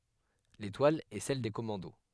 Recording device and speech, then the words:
headset microphone, read sentence
L'étoile est celle des commandos.

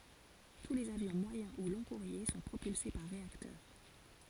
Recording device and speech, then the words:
forehead accelerometer, read sentence
Tous les avions moyen ou long-courriers sont propulsés par réacteurs.

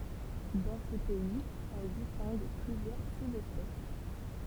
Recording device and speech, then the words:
temple vibration pickup, read sentence
Dans ces pays, on distingue plusieurs sous-espèces.

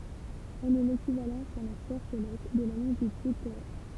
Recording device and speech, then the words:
temple vibration pickup, read sentence
Elle est l'équivalent sur la sphère céleste de la longitude terrestre.

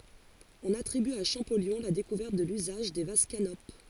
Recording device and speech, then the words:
forehead accelerometer, read sentence
On attribue à Champollion la découverte de l'usage des vases canopes.

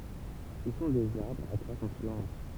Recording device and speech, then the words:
temple vibration pickup, read sentence
Ce sont des arbres à croissance lente.

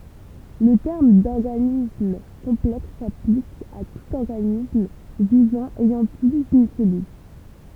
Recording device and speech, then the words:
temple vibration pickup, read sentence
Le terme d'organisme complexe s'applique à tout organisme vivant ayant plus d'une cellule.

